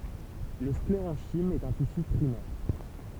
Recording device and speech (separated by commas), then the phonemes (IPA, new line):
temple vibration pickup, read sentence
lə skleʁɑ̃ʃim ɛt œ̃ tisy pʁimɛʁ